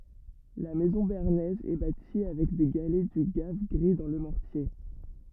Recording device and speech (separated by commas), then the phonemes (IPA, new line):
rigid in-ear microphone, read sentence
la mɛzɔ̃ beaʁnɛz ɛ bati avɛk de ɡalɛ dy ɡav ɡʁi dɑ̃ lə mɔʁtje